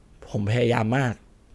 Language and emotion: Thai, sad